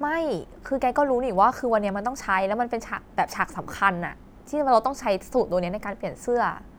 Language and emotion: Thai, frustrated